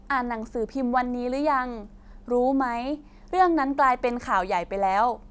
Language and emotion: Thai, neutral